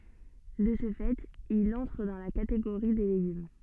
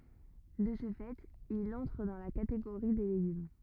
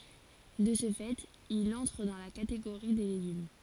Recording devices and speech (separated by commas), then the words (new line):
soft in-ear microphone, rigid in-ear microphone, forehead accelerometer, read sentence
De ce fait, il entre dans la catégorie des légumes.